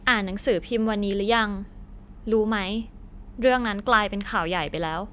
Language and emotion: Thai, neutral